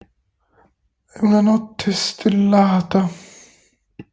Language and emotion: Italian, sad